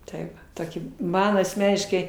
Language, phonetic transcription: Lithuanian, tai ˈva ˈtoki ˈman asˈmeniškai

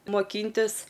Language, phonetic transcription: Lithuanian, moˈkyntis

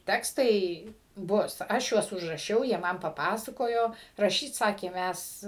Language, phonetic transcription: Lithuanian, ˈtekstai ˈbus ˈaš juos užraˈšiau jie ˈman paˈpasakojo raˈšyt ˈsakė ˈmæs

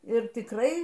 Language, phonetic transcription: Lithuanian, ir tikˈrai

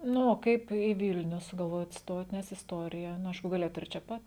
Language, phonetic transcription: Lithuanian, ˈnu o ˈkaip į ˈvilniu sugalˈvojot ˈstot nes isˈtorija nu ˈaišku gaˈlėjot ir čia ˈpat

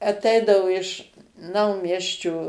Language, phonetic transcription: Lithuanian, aˈteidavo iš ˈnaumiesčio

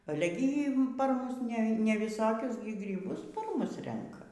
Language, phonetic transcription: Lithuanian, ˈale gi y par ˈmus ne neviˈsokius gryˈbus par ˈmus ˈrenka

